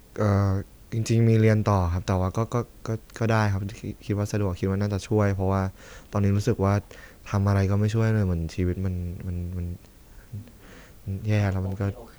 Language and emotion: Thai, sad